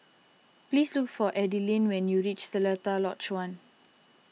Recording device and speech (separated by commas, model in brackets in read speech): mobile phone (iPhone 6), read sentence